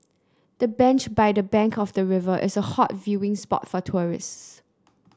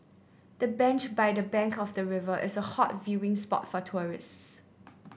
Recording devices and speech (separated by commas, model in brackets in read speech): close-talking microphone (WH30), boundary microphone (BM630), read sentence